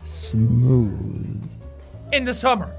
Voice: Suave Tone